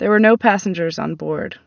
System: none